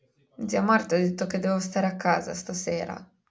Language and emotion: Italian, sad